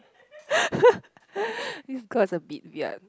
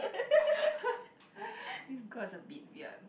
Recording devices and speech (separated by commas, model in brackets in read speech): close-talking microphone, boundary microphone, conversation in the same room